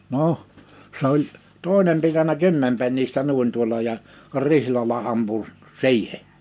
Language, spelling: Finnish, no se oli toinen pitänyt kymmenpennistä niin tuolla ja rihlalla ampui siihen
- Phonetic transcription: 'noʰ , 's ‿oĺ , 'toi̬nem pitänä 'kymmempennistä 'nùin tuola ja , 'rrihlala 'ampu , "si̬ihe .

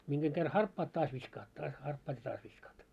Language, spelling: Finnish, minkä kerran harppaat taas viskaat taas harppaat ja taas viskaat
- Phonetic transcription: 'miŋɢeŋ ɢer "harppaat 'taas 'viskaat taas 'harppaat ja 'taas viskaat .

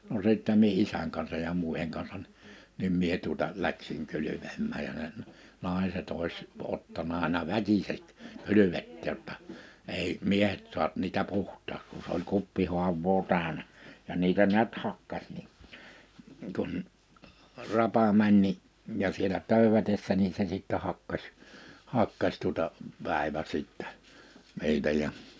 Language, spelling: Finnish, no sitten minä isän kanssa ja muiden kanssa niin niin minä tuota lähdin kylpemään ja ne naiset olisi ottanut aina väkisin kylvettää jotta ei miehet saa niitä puhtaaksi kun se oli kuppihaavaa täynnä ja niitä näet hakkasi niin kun rapa meni niin ja siellä töydätessä niin se sitten hakkasi hakkasi tuota päivä sitten niitä ja
- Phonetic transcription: no sìttɛ mie 'isäŋ kansaj ja 'mùiheŋ kansan (ni) , nim 'mie tuᵒta , 'läksiŋ 'kylypemmääj ja ne , 'nàe̬set ‿òis , 'ottana àina "väkiseᵏ , "kylyvette ‿[j]otta , 'èi , 'miehet suap̳ niitä "puht̀aak(s) ku s ‿oĺ 'kuppihuav̆voo 'tä̀önä , ja 'niitä niät 'hakkaś ni , kun , 'rapa 'mäń ni , ja sielä 'tö̀ywätessä nii se sìttɛ hakkas , 'hakkas tuᵒta , 'pä̀ivä sìttᴀ̈ , 'niitä ja ,.

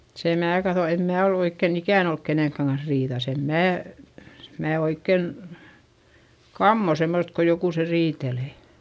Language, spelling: Finnish, sen minä katson en minä ole oikein ikään ollut kenenkään kanssa riidassa en minä minä oikein kammoan semmoista kun jokuset riitelee
- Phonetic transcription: se mää kaϑo , em mää ol ‿oikken ‿ikä̀n ‿olk kenèŋkkäŋ kans riiδas - em mää , mää oikken , kammo semmost ko jokuse riitelè .

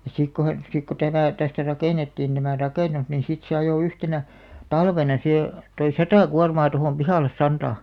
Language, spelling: Finnish, ja sitten kun he sitten kun tämä tästä rakennettiin tämä rakennus niin sitten se ajoi yhtenä talvena siihen toi sata kuormaa tuohon pihalle santaa
- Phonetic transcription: ja 'sik ko he , 'sik ko "tämä̀ , tästä 'rakènettiin tämä̀ "rakènus nin 'sit se ajò 'yhtenä , "talvena sihe , toi "satà 'kuarmaa tohòm 'pihàlles 'santà .

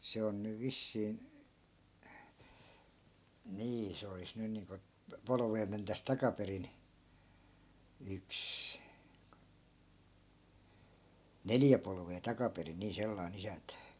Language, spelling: Finnish, se on nyt vissiin niin se olisi nyt niin kuin polvea mentäisiin takaperin yksi neljä polvea takaperin niin sellainen isäntä
- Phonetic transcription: 'se on nyv 'vissiin̬ , 'nii , se olis 'nyn niiŋko , 'polᵒvee mentäs 'takaperin , yks , "neljä polvee 'takaperin̆ nii 'sellai̮'n ‿isäntä .

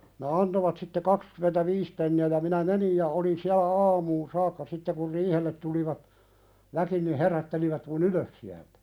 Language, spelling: Finnish, ne antoivat sitten kaksikymmentäviisi penniä ja minä menin ja olin siellä aamuun saakka sitten kun riihelle tulivat väki niin herättelivät minun ylös sieltä
- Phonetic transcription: ne 'antovat sitte 'kakskymentä"viis penni₍ä ja minä 'menij ja olin siälä "aamuun 'saakka sitte kur "riihellet tulivat , 'väki ni 'herättelivät mu"n ‿ylös siältᴀ̈ .

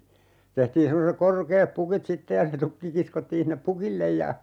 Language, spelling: Finnish, tehtiin semmoiset korkeat pukit sitten ja se tukki kiskottiin sinne pukille ja
- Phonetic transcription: 'tehtiin 'semmosek 'korkeep "pukit 'sitte ja se 'tukki 'kiskottiin sinnep "pukillej ja ,.

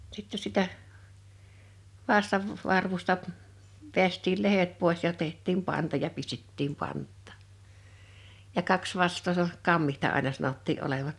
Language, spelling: Finnish, sitten sitä vastan varvusta vetäistiin lehdet pois ja tehtiin panta ja pistettiin pantaan ja kaksi vastaa se on kammitsa aina sanottiin olevan
- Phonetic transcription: sitte sitä , 'vastav , 'varvusta , 'veäst́iil "lehet 'pòes ja 'teht̆tiim 'panta ja 'pistettiim 'pant̆tà , ja 'kaks 'vastoo (s ‿o) , "kammihta àḙna 'sanottii’ '’olevaɴ .

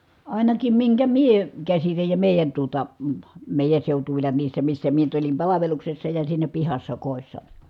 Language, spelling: Finnish, ainakin minkä minä käsitän ja meidän tuota - meidän seutuvilla niissä missä minä nyt olin palveluksessa ja siinä pihassa kodissa
- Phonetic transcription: àinakim miŋkä mie , käsitäj ja mèi̮jän tuota , ə mèi̮jän̬ seutuvilla niissä missä mie nyt olim palaveluksessa ja siinä pihassa kòi̮ssa .

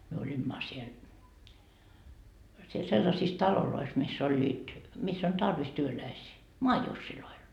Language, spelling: Finnish, me olimme siellä siellä sellaisissa taloissa missä olivat missä on tarvis työläisiä maajusseilla
- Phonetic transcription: myö 'oĺimma siel , siel sellasiis 'talolois mis's ‿oĺĺiit , 'miss ‿on 'tarvis työläisii , "moajussiloil .

